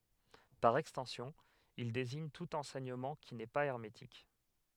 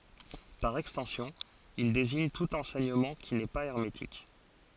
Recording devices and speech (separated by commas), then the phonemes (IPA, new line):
headset microphone, forehead accelerometer, read sentence
paʁ ɛkstɑ̃sjɔ̃ il deziɲ tut ɑ̃sɛɲəmɑ̃ ki nɛ pa ɛʁmetik